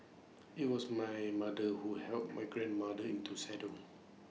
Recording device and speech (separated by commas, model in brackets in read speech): mobile phone (iPhone 6), read sentence